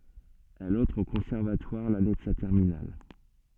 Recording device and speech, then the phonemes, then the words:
soft in-ear microphone, read sentence
ɛl ɑ̃tʁ o kɔ̃sɛʁvatwaʁ lane də sa tɛʁminal
Elle entre au conservatoire l'année de sa terminale.

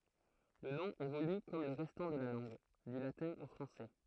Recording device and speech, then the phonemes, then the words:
throat microphone, read sentence
lə nɔ̃ evoly kɔm lə ʁɛstɑ̃ də la lɑ̃ɡ dy latɛ̃ o fʁɑ̃sɛ
Le nom évolue comme le restant de la langue, du latin au français.

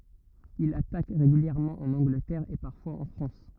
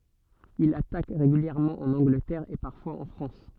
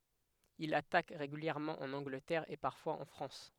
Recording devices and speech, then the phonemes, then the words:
rigid in-ear microphone, soft in-ear microphone, headset microphone, read sentence
il atak ʁeɡyljɛʁmɑ̃ ɑ̃n ɑ̃ɡlətɛʁ e paʁfwaz ɑ̃ fʁɑ̃s
Il attaque régulièrement en Angleterre et parfois en France.

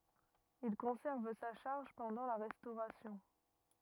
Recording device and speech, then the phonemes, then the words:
rigid in-ear microphone, read sentence
il kɔ̃sɛʁv sa ʃaʁʒ pɑ̃dɑ̃ la ʁɛstoʁasjɔ̃
Il conserve sa charge pendant la Restauration.

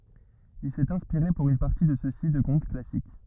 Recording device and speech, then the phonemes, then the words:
rigid in-ear microphone, read sentence
il sɛt ɛ̃spiʁe puʁ yn paʁti də søksi də kɔ̃t klasik
Il s'est inspiré pour une partie de ceux-ci de contes classiques.

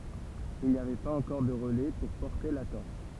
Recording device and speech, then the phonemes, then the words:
temple vibration pickup, read sentence
il ni avɛ paz ɑ̃kɔʁ də ʁəlɛ puʁ pɔʁte la tɔʁʃ
Il n'y avait pas encore de relais pour porter la torche.

